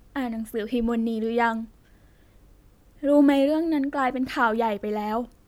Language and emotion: Thai, sad